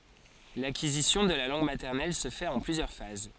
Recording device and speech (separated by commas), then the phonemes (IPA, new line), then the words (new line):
forehead accelerometer, read sentence
lakizisjɔ̃ də la lɑ̃ɡ matɛʁnɛl sə fɛt ɑ̃ plyzjœʁ faz
L'acquisition de la langue maternelle se fait en plusieurs phases.